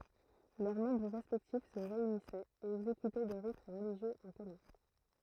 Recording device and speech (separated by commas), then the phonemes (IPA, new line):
throat microphone, read sentence
lœʁ mɑ̃bʁ ʁɛspɛktif sə ʁeynisɛt e ɛɡzekytɛ de ʁit ʁəliʒjøz ɑ̃ kɔmœ̃